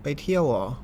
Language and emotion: Thai, neutral